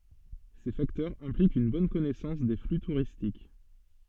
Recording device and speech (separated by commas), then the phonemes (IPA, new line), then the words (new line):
soft in-ear microphone, read sentence
se faktœʁz ɛ̃plikt yn bɔn kɔnɛsɑ̃s de fly tuʁistik
Ces facteurs impliquent une bonne connaissance des flux touristiques.